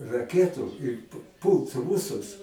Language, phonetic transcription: Lithuanian, raˈketų ir p ˈpūlt ˈrūsus

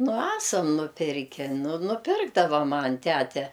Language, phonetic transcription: Lithuanian, nu ˈesam nuˈpirke nu nuˈpirkdava ˈman' ˈtæte

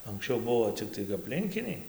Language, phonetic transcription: Lithuanian, anksˈčiau ˈbuo ˈciktai apˈlinkiniai

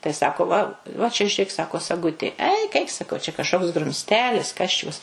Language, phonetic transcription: Lithuanian, tai ˈsako va va čia žiuˈrėk ˈsako saˈgutė ˈeik ˈ eik saˈkau čia kažˈkoks grumsˈtelis ˈkas čius

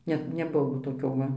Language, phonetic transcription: Lithuanian, ˈne neˈbuvo toˈkio ˈva

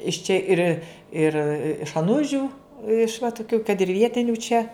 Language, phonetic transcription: Lithuanian, iš ˈčia ˈir' ir iš aˈnužiu iš va tuˈkių kad ir ˈvietinių čia

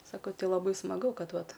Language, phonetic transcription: Lithuanian, saˈkau ˈti laˈbai smaˈgu ˈkad ˈvat

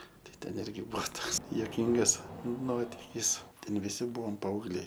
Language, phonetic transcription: Lithuanian, ˈtai ˈten ˈirgi ˈbuo ˈtoks juoˈkyngas ˈnotikys ˈten viˈsi ˈbuom paaugˈliai

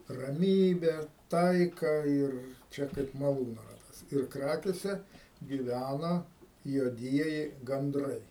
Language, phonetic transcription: Lithuanian, raˈmybę ˈtaiką ir ˈčia kaip maˈlūno ˈratas ir ˈkrakėse gyˈvæna juoˈdieji ganˈdrai

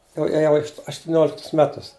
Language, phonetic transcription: Lithuanian, jau ėˈjau aštuˈnioliktus ˈmetus

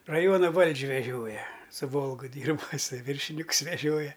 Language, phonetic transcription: Lithuanian, raˈjuona ˈvaldž' veˈžioja su ˈvolgu ˈdyrba iˈsai ˈvyršinikus veˈžioja

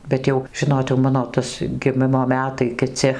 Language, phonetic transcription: Lithuanian, ˈbet jau ˈžinot jau ˈmano ˈtas giˈmimo ˈmetai kiˈci

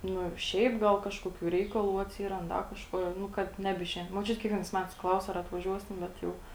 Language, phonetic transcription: Lithuanian, ˈnu ˈšiaip ˈgal ˈkažkokių ˈreikalų atˈsyrand ˈda kažˈkuo jau ˈnu ˈkad ˈnebiˌšein moˈčiut' kiekˈvienais ˈmetais ˈklaus ar atvaˈžiuosim ˈbet jau

